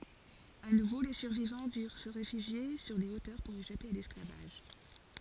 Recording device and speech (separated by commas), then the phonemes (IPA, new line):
forehead accelerometer, read sentence
a nuvo le syʁvivɑ̃ dyʁ sə ʁefyʒje syʁ le otœʁ puʁ eʃape a lɛsklavaʒ